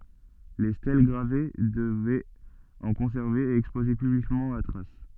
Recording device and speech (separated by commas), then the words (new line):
soft in-ear microphone, read sentence
Les stèles gravées devaient en conserver et exposer publiquement la trace.